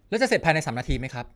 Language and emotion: Thai, frustrated